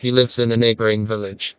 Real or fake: fake